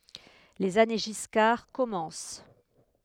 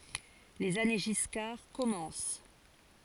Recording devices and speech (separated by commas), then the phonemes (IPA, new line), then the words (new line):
headset microphone, forehead accelerometer, read sentence
lez ane ʒiskaʁ kɔmɑ̃s
Les années Giscard commencent.